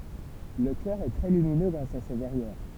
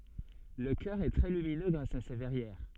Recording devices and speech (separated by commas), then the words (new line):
temple vibration pickup, soft in-ear microphone, read sentence
Le chœur est très lumineux grâce à ses verrières.